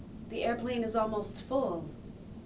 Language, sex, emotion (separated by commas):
English, female, neutral